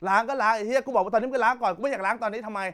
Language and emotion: Thai, angry